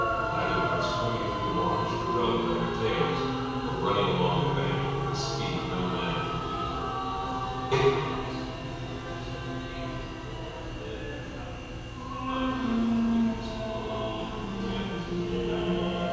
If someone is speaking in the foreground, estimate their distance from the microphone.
7.1 m.